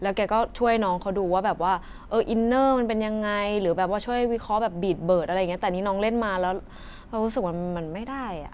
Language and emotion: Thai, frustrated